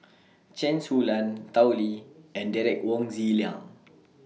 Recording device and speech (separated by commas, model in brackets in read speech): mobile phone (iPhone 6), read sentence